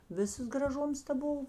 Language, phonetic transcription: Lithuanian, ˈvisas graˈžums ta ˈbuv

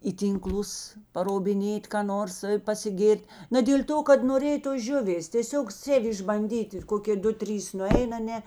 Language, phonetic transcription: Lithuanian, į ˈtynˌklus parobiˈnėt ką ˈnors pasiˈgėr't' na dėl' ˈto kad noˈrėj tos ˈžiuvės tėˈsiog ˈsėv' išbanˈdyt' ir ˈkokė ˈdu ˈtrys nuˈein aˈne

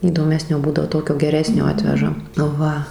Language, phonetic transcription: Lithuanian, įdoˈmesnio ˈbūdavo ˈtokio geˈresnio ˈatveža ˈva

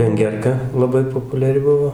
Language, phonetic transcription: Lithuanian, venˈgerka laˈbai populiaˈri ˈbuvo

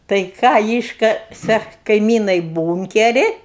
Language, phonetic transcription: Lithuanian, tai ˈką ˈyškase kaiˈmynai ˈbūnkeri

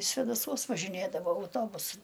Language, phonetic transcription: Lithuanian, svedaˈsuos važiˈnėdavo auˈtobusai

